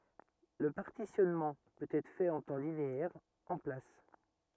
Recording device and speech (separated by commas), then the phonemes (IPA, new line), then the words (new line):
rigid in-ear microphone, read sentence
lə paʁtisjɔnmɑ̃ pøt ɛtʁ fɛt ɑ̃ tɑ̃ lineɛʁ ɑ̃ plas
Le partitionnement peut être fait en temps linéaire, en place.